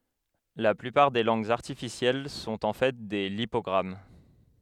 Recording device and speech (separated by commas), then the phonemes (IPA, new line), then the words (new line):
headset microphone, read sentence
la plypaʁ de lɑ̃ɡz aʁtifisjɛl sɔ̃t ɑ̃ fɛ de lipɔɡʁam
La plupart des langues artificielles sont en fait des lipogrammes.